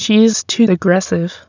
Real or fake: fake